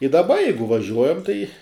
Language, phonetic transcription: Lithuanian, i daˈba ˈjeigu vaˈžiuojam tai

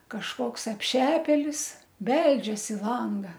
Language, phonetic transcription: Lithuanian, kažˈkoks apˈšepėlis ˈbeldžias i ˈlanga

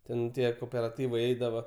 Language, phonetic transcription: Lithuanian, ˈten ˈtie koperaˈtyvai ˈeidava

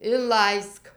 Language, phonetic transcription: Lithuanian, inˈlaisk

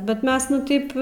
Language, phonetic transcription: Lithuanian, ˈbet ˈmes ˈnu ˈtaip

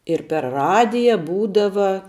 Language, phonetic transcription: Lithuanian, ir per ˈradija ˈbūdava

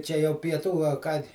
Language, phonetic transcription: Lithuanian, ˈčia jau pieˈtų a ˈką

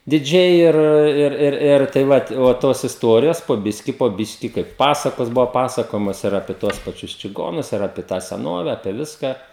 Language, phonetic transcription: Lithuanian, diˈdžiai ˈir ˈir ˈir ˈir tai ˈvat o ˈtos isˈtuorijos po ˈbiski po ˈbiški ˈkaip ˈpasakos ˈbuva pasaˈkojamos ir ˈapie tuos paˈčius čiˈgonus ir ˈapie tą seˈnove apie ˈviską

